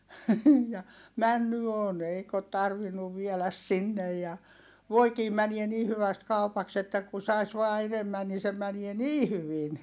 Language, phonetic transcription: Finnish, ja , männy on eik ‿ot tarvinnuv vieläs sinnej ja , voikii mäniɛ ni hyväst kaupaks ‿että ku sais vaa enemmän nii se mänie nii hyvin .
- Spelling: ja mennyt on eikä ole tarvinnut vielä sinne ja voikin menee niin hyvästi kaupaksi että kun saisi vain enemmän niin se menee niin hyvin

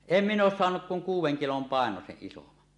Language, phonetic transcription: Finnish, em 'miǹ ‿oos 'soanuk kuŋ "kuuw̆weŋ 'kilom 'pàenoseˀ ˀisoman .
- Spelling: en minä ole saanut kuin kuuden kilon painoisen isomman

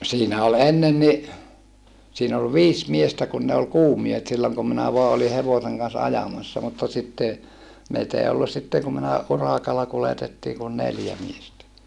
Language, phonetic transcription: Finnish, siinä ol ennen ni , siin ‿ol viis miestä kun ne ol kuumiehet silloŋ kum minä voa oli hevoseŋ kans ajamassa mutta sitte , meit ‿ei ollus̆ sitteŋ kum minä , uràkalla kuletettii kun neljä miestä .
- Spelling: siinä oli ennen niin siinä oli viisi miestä kun ne oli kuumiehet silloin kun minä vain olin hevosen kanssa ajamassa mutta sitten meitä ei ollut sitten kun minä urakalla kuljetettiin kun neljä miestä

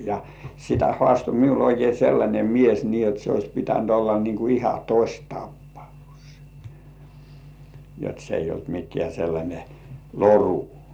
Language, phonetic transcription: Finnish, ja , sitä "hŏàsto 'miul oikei sellańe "mies nii jot se ois 'pitänt olla niiŋ ku iha "tośtappaus , jot se eij̆j ‿olt 'mik̆§kĕä̀ sellańe "loru .
- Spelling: ja sitä haastoi minulle oikein sellainen mies niin jotta se olisi pitänyt olla niin kuin ihan tositapaus jotta se ei ollut mikään sellainen loru

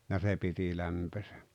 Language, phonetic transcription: Finnish, ja 'se 'piti 'lämpöse .
- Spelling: ja se piti lämpöisenä

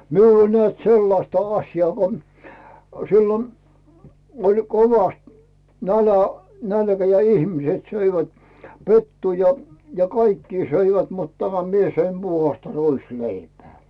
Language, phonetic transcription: Finnish, 'miul ‿ol nᵉä̀t 'sellasta 'aśjaa ko , siilon , oĺ 'kovast , nälä , "nälkä ja 'ihmⁱset söivät , "pettuu ja , ja "kaikkii 'söivät mut tämä , 'mie söim 'Buhasta "ruis'leipᵉää .
- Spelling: minulla oli näet sellaista asiaa kun silloin oli kovasti - nälkä ja ihmiset söivät pettua ja ja kaikkia söivät mutta tämä minä söin puhdasta ruisleipää

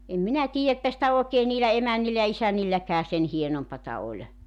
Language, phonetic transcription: Finnish, em 'minä tiijä että sⁱtä 'òekee niilä 'emännillä ja 'isänilläkää 'sen 'hienompata oĺ .
- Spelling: en minä tiedä että sitä oikein niillä emännillä ja isännilläkään sen hienompaa oli

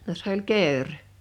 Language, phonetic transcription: Finnish, no s ‿oĺ "kèör .
- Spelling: no se oli kekri

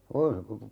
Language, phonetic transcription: Finnish, 'oi - ,.
- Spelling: -

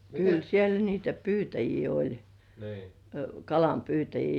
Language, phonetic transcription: Finnish, kyl 'siel niitä "pyytäjii oĺ , "kalampyytäjii .
- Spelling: kyllä siellä niitä pyytäjiä oli kalanpyytäjiä

